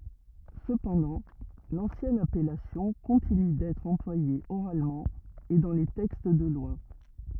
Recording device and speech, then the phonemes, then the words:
rigid in-ear microphone, read sentence
səpɑ̃dɑ̃ lɑ̃sjɛn apɛlasjɔ̃ kɔ̃tiny dɛtʁ ɑ̃plwaje oʁalmɑ̃ e dɑ̃ le tɛkst də lwa
Cependant, l'ancienne appellation continue d'être employée oralement et dans les textes de loi.

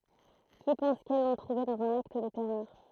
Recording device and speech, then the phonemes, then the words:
throat microphone, read sentence
ki pɑ̃s kɛl lɔ̃ tʁuve dɑ̃z œ̃n akt də tɛʁœʁ
Qui pensent qu'elles l'ont trouvée dans un acte de terreur.

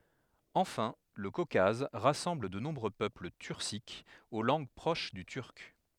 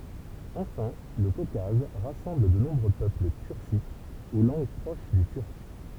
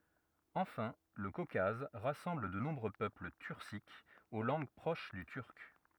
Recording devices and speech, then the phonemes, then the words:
headset microphone, temple vibration pickup, rigid in-ear microphone, read sentence
ɑ̃fɛ̃ lə kokaz ʁasɑ̃bl də nɔ̃bʁø pøpl tyʁsikz o lɑ̃ɡ pʁoʃ dy tyʁk
Enfin, le Caucase rassemble de nombreux peuples turciques, aux langues proches du turc.

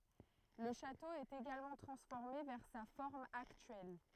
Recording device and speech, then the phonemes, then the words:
throat microphone, read sentence
lə ʃato ɛt eɡalmɑ̃ tʁɑ̃sfɔʁme vɛʁ sa fɔʁm aktyɛl
Le château est également transformé vers sa forme actuelle.

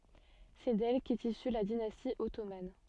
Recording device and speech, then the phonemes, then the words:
soft in-ear microphone, read sentence
sɛ dɛl kɛt isy la dinasti ɔtoman
C'est d'elle qu'est issue la dynastie ottomane.

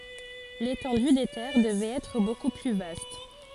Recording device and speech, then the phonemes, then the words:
forehead accelerometer, read sentence
letɑ̃dy de tɛʁ dəvɛt ɛtʁ boku ply vast
L'étendue des terres devait être beaucoup plus vaste.

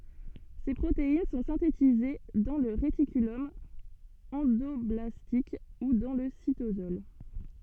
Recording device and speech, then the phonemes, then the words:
soft in-ear microphone, read sentence
se pʁotein sɔ̃ sɛ̃tetize dɑ̃ lə ʁetikylɔm ɑ̃dɔblastik u dɑ̃ lə sitosɔl
Ces protéines sont synthétisées dans le réticulum endoblastique ou dans le cytosol.

